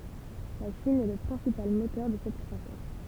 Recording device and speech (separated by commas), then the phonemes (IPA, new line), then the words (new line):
temple vibration pickup, read sentence
la ʃin ɛ lə pʁɛ̃sipal motœʁ də sɛt kʁwasɑ̃s
La Chine est le principal moteur de cette croissance.